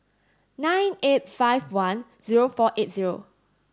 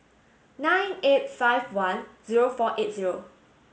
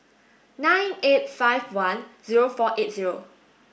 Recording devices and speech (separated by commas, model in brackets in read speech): standing microphone (AKG C214), mobile phone (Samsung S8), boundary microphone (BM630), read sentence